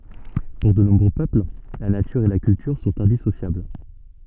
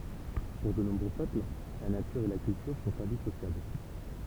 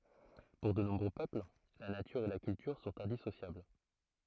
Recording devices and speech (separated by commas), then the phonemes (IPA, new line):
soft in-ear microphone, temple vibration pickup, throat microphone, read sentence
puʁ də nɔ̃bʁø pøpl la natyʁ e la kyltyʁ sɔ̃t ɛ̃disosjabl